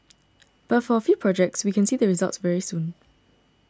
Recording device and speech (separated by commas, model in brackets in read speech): standing microphone (AKG C214), read sentence